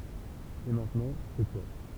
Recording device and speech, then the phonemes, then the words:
temple vibration pickup, read sentence
e mɛ̃tnɑ̃ sɛ twa
Et maintenant, c'est toi.

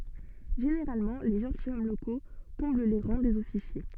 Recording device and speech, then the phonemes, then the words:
soft in-ear microphone, read sentence
ʒeneʁalmɑ̃ le ʒɑ̃tilʃɔm loko kɔ̃bl le ʁɑ̃ dez ɔfisje
Généralement, les gentilshommes locaux comblent les rangs des officiers.

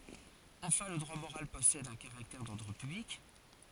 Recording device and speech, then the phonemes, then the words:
forehead accelerometer, read sentence
ɑ̃fɛ̃ lə dʁwa moʁal pɔsɛd œ̃ kaʁaktɛʁ dɔʁdʁ pyblik
Enfin, le droit moral possède un caractère d'ordre public.

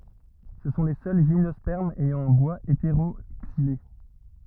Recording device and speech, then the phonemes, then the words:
rigid in-ear microphone, read sentence
sə sɔ̃ le sœl ʒimnɔspɛʁmz ɛjɑ̃ œ̃ bwaz eteʁoksile
Ce sont les seuls gymnospermes ayant un bois hétéroxylé.

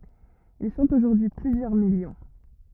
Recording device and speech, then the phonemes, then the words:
rigid in-ear microphone, read sentence
il sɔ̃t oʒuʁdyi y plyzjœʁ miljɔ̃
Ils sont aujourd'hui plusieurs millions.

